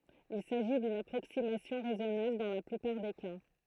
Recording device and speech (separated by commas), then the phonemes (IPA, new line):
throat microphone, read sentence
il saʒi dyn apʁoksimasjɔ̃ ʁɛzɔnabl dɑ̃ la plypaʁ de ka